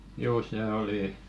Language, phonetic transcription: Finnish, juu sè oli ,.
- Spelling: juu se oli

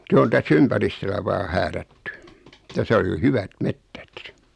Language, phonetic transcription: Finnish, 'se on 'täs"s ‿ympäristölä vaa 'häärätty , 'täsä ol jo "hyvät "mettät .
- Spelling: se on tässä ympäristöllä vain häärätty tässä oli jo hyvät metsät

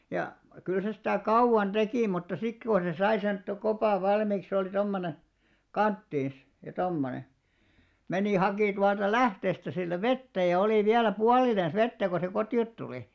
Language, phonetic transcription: Finnish, ja , kyl se sitä̀ "kau₍an 'ᴅekì mutta 'sit ko se 'sai sen to- 'kopàv 'valmìk se olì 'tommone , "kanttiins , ja 'tommone , 'menì 'haki tualta "lähteestä sillä "vettä ja 'olì viälä "pualinens 'vettä ko se 'koti₍ot tulì .
- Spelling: ja kyllä se sitä kauan teki mutta sitten kun se sai sen - kopan valmiiksi se oli tuommoinen kanttiinsa ja tuommoinen meni haki tuolta lähteestä sillä vettä ja oli vielä puolinensa vettä kun se kotiin tuli

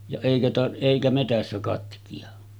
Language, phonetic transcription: Finnish, ja 'èikä ta- , 'èikä metässä katki₍a .
- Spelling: ja eikä - eikä metsässä katkea

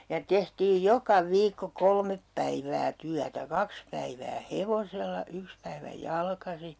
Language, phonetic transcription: Finnish, ja 'tehtiij "joka "viikko 'kolmep päivää 'tyätä 'kaks päivää "hevosella , 'yks päivä 'jalkasi ,.
- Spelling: ja tehtiin joka viikko kolme päivää työtä kaksi päivää hevosella yksi päivä jalkaisin

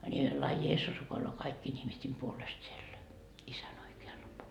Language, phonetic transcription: Finnish, ńi laa "Jeessus 'rukoiloo 'kaikkiin ihmist́en puolest siellä , 'isän oike₍alla puo- .
- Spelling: niin laa Jeesus rukoilee kaikkien ihmisten puolesta siellä isän oikealla -

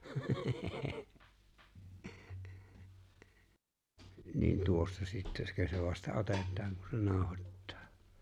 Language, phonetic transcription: Finnish, niin 'tuossa 'sitteskös se vasta 'otèt̀aan ku se 'naaᵒhot̀tᴀᴀ ?
- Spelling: niin tuossa sittenkös se vasta otetaan kun se nauhoittaa

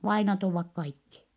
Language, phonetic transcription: Finnish, vainat ovvak kaikki .
- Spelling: vainajat ovat kaikki

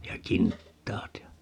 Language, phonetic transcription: Finnish, ja 'kinttaat ja ,.
- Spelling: ja kintaat ja

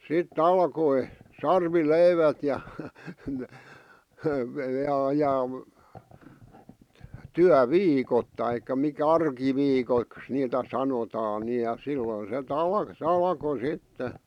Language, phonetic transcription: Finnish, 'si"t ‿alkoi , "sarvi'leivät ja , ja ja , 'tyä"viikot taikka mikä "arki'viikoⁱks niitä 'sanotaan ni ja 'silloⁱn se't ‿al- sᵉ 'alᵃko "sitte .
- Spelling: sitten alkoi sarvileivät ja ja ja työviikot tai mikä arkiviikoiksi niitä sanotaan niin ja silloin - - se alkoi sitten

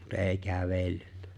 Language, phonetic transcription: Finnish, mut '’e̬e̬ⁱ "kävellʏ .
- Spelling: mutta ei kävellyt

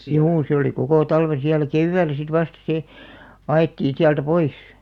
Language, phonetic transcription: Finnish, juu se oli 'kokò 'talveḛ siälä "kevvää̆llä sit vasta 'sè , 'a₍ettiin̬ siältä "pois .
- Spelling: juu se oli koko talven siellä keväällä sitten vasta se ajettiin sieltä pois

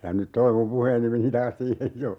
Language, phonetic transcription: Finnish, ja nyt "toi mum 'puheeni meni 'taas 'siihej "jo !
- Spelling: ja nyt tuo minun puheeni meni taas siihen jo

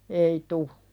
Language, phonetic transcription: Finnish, ei 'tu .
- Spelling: ei tule

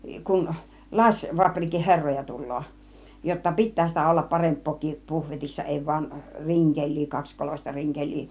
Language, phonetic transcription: Finnish, kun 'laśvaprikin 'herroja 'tul̆loo , jotta "pit̆tää sitä 'ollap "paremp̆pookii 'puhvetissa 'èi vain "riŋkeĺ̆lii 'kakskolośta "riŋkeĺ̆lii « .
- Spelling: kun lasifapriikin herroja tulee jotta pitää sitä olla parempaakin puhvetissa ei vain rinkeliä kaksikoloista rinkeliä

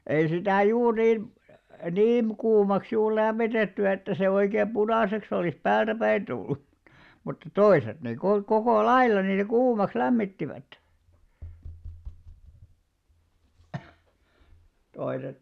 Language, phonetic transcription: Finnish, ei 'sitä̀ 'juur niim , "niim̳§ kuumaks juur 'lämmitetty että se oikeem "ʙunàseks ‿olìs "päältäpäin ᴅullu (mut) , mutta 'toiset nè ku- 'kokò "lailla niitä 'kuumaks 'lämmittivät , 'toiset ,.
- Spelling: ei sitä juuri niin niin kuumaksi juuri lämmitetty että se oikein punaiseksi olisi päältäpäin tullut mutta mutta toiset ne - koko lailla niitä kuumaksi lämmittivät toiset

